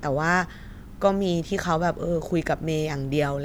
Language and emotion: Thai, neutral